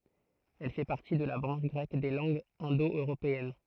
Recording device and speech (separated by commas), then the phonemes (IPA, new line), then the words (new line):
throat microphone, read sentence
ɛl fɛ paʁti də la bʁɑ̃ʃ ɡʁɛk de lɑ̃ɡz ɛ̃do øʁopeɛn
Elle fait partie de la branche grecque des langues indo-européennes.